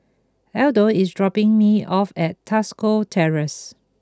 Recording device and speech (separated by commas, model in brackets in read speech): close-talking microphone (WH20), read sentence